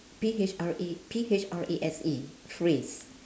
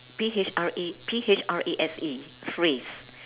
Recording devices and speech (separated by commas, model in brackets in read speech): standing microphone, telephone, conversation in separate rooms